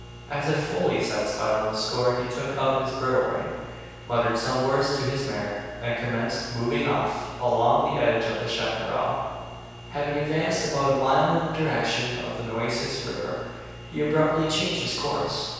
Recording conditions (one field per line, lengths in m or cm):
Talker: one person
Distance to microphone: 7.1 m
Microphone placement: far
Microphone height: 1.7 m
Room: very reverberant, large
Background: none